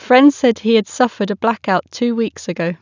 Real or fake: real